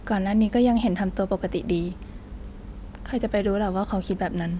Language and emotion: Thai, neutral